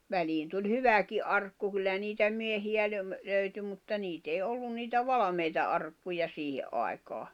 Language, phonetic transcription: Finnish, 'väliin tuĺ "hyväki '’arkku kyllä niitä 'miehi₍ä löw- , 'löyty mutta 'niit ‿ei 'ollun niitä 'valᵃmeita arkkuja 'siihe’ ’ai̬kaa .
- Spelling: väliin tuli hyväkin arkku kyllä niitä miehiä - löytyi mutta niitä ei ollut niitä valmiita arkkuja siihen aikaan

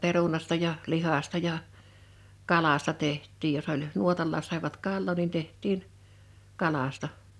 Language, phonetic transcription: Finnish, 'perunasta ja , 'lihasta ja , 'kalasta 'teht̆tiij jos ‿oĺ , 'nuotallaas sàivat "kallò nin 'teht̀iin , 'kalasta .
- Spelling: perunasta ja lihasta ja kalasta tehtiin jos oli nuotallakin saivat kalaa niin tehtiin kalasta

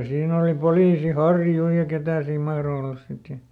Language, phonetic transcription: Finnish, ˈsiin ‿oli ˈpoliisi "Harju ja ˈketä siim ˈmahro ollas ˈsit ja ,.
- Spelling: siinä oli poliisi Harju ja ketä siinä mahtoi olla sitten ja

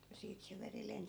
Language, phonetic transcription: Finnish, ja 'siit se 'veri 'lensi .
- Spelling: ja siitä se veri lensi

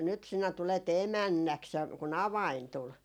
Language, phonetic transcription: Finnish, nyt 'sinä 'tulet "emännäks » ja ku"n ‿avain 'tul .
- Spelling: nyt sinä tulet emännäksi ja kun avain tuli

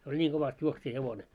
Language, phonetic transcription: Finnish, se oĺ 'ńiiŋ ɢovast 'juoksija'hevone .
- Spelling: se oli niin kovasti juoksijahevonen

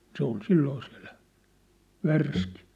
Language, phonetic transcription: Finnish, se ‿ol 'silloo sɪᴀ̭̈ʟʟᴀ̈ , "värski .
- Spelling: se oli silloin siellä värski

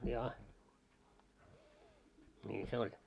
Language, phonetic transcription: Finnish, 'jaa , 'ńii se 'oĺ .
- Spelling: jaa niin se oli

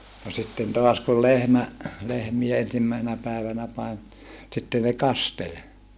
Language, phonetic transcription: Finnish, no sitten toas kul lehmä , lehmie ensimmä̀i̮senä pä̀evänä pae , sitte ne kastel .
- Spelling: no sitten taas kun lehmä lehmiä ensimmäisenä päivänä - sitten ne kasteli

